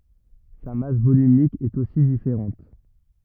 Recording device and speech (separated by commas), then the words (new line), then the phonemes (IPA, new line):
rigid in-ear microphone, read sentence
Sa masse volumique est aussi différente.
sa mas volymik ɛt osi difeʁɑ̃t